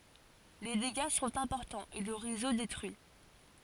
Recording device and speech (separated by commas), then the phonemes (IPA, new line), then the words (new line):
forehead accelerometer, read sentence
le deɡa sɔ̃t ɛ̃pɔʁtɑ̃z e lə ʁezo detʁyi
Les dégâts sont importants et le réseau détruit.